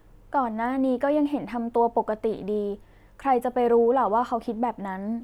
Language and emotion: Thai, neutral